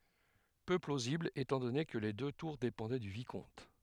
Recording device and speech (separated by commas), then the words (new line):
headset microphone, read sentence
Peu plausible étant donné que les deux tours dépendaient du Vicomte.